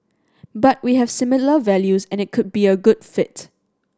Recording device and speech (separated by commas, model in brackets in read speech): standing microphone (AKG C214), read sentence